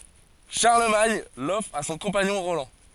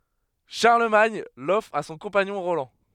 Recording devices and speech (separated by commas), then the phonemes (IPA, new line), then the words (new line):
forehead accelerometer, headset microphone, read sentence
ʃaʁləmaɲ lɔfʁ a sɔ̃ kɔ̃paɲɔ̃ ʁolɑ̃
Charlemagne l'offre à son compagnon Roland.